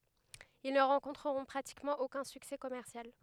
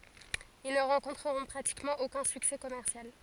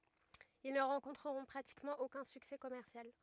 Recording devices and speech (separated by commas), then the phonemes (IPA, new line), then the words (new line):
headset microphone, forehead accelerometer, rigid in-ear microphone, read sentence
il nə ʁɑ̃kɔ̃tʁəʁɔ̃ pʁatikmɑ̃ okœ̃ syksɛ kɔmɛʁsjal
Ils ne rencontreront pratiquement aucun succès commercial.